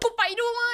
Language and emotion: Thai, happy